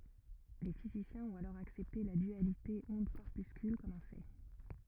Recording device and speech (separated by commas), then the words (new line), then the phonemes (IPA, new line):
rigid in-ear microphone, read sentence
Les physiciens ont alors accepté la dualité onde-corpuscule comme un fait.
le fizisjɛ̃z ɔ̃t alɔʁ aksɛpte la dyalite ɔ̃dkɔʁpyskyl kɔm œ̃ fɛ